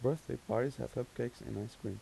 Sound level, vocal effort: 82 dB SPL, soft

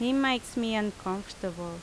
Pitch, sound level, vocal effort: 210 Hz, 84 dB SPL, loud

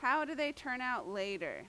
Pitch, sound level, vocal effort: 250 Hz, 92 dB SPL, very loud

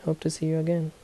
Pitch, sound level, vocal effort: 160 Hz, 75 dB SPL, soft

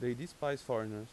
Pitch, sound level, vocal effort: 125 Hz, 89 dB SPL, normal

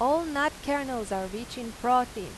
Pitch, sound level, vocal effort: 245 Hz, 91 dB SPL, loud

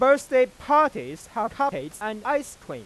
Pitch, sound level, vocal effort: 270 Hz, 103 dB SPL, loud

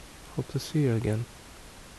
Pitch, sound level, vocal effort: 115 Hz, 68 dB SPL, soft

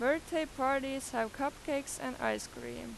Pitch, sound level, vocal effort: 265 Hz, 91 dB SPL, loud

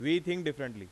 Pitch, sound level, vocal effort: 150 Hz, 93 dB SPL, loud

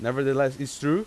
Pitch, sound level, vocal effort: 140 Hz, 93 dB SPL, loud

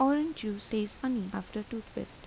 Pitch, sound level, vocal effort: 220 Hz, 83 dB SPL, soft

